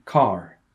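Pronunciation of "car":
'car' is said the American way, with an R sound at the end.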